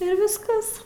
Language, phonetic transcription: Lithuanian, ir visˈkas

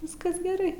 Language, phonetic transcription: Lithuanian, ˈviskas geˈrai

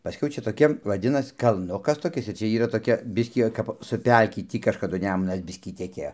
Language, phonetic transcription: Lithuanian, paˈskiau ˈčia toˈkie vaˈdinas kalˈnukas toˈkis ir ˈčia ˈyra toˈkia ˈbiskį o kap su ˈpelki ˈtį kažkaˈdu ˈnemunas ˈbiskį teˈkėjo

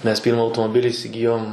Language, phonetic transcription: Lithuanian, mes ˈpyrma automoˈbili isiˈgijom

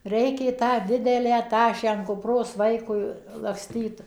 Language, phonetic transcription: Lithuanian, ˈreikė tą ˈdidelį ˈtašę an kupˈros ˈvaikui lakˈstyt

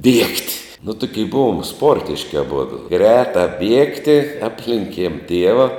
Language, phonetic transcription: Lithuanian, ˈbiegt' nu ˈtukie ˈbuvom ˈsportiški aˈbudu ˈgretā ˈbiegti ˈaplenkiem ˈtieva

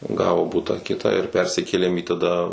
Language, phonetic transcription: Lithuanian, ˈgavo ˈbutą ˈkitą ir ˈpersikėlėm į taˈda

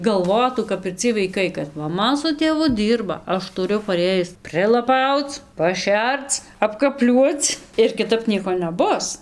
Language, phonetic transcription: Lithuanian, galˈvotų kap ir ˈciej vaiˈkai kad maˈma su tėˈvu ˈdyrba ˈaš tuˈriu paˈrėjis prilaˈpauc paˈšerc apkaˈpliuoc ir kiˈtap ˈnieko neˈbus

